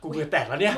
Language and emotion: Thai, frustrated